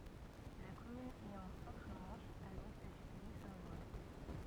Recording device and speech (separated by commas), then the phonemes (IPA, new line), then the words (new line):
rigid in-ear microphone, read sentence
la kɔmyn ɛt ɑ̃ sɑ̃tʁ mɑ̃ʃ a lwɛst dy pɛi sɛ̃ lwa
La commune est en Centre-Manche, à l'ouest du pays saint-lois.